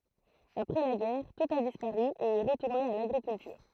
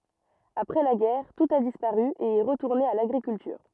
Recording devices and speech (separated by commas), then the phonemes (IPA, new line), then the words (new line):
throat microphone, rigid in-ear microphone, read sentence
apʁɛ la ɡɛʁ tut a dispaʁy e ɛ ʁətuʁne a laɡʁikyltyʁ
Après la guerre, tout a disparu et est retourné à l'agriculture.